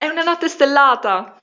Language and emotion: Italian, happy